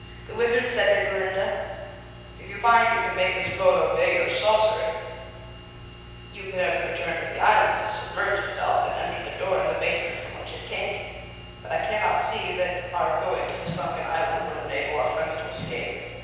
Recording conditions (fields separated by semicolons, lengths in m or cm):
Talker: one person; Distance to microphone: 7.1 m; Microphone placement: far; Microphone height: 1.7 m; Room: very reverberant, large; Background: none